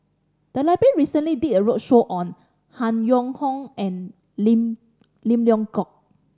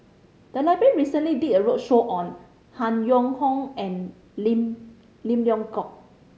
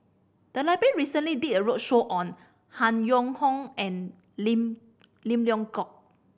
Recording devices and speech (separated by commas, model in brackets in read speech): standing microphone (AKG C214), mobile phone (Samsung C5010), boundary microphone (BM630), read sentence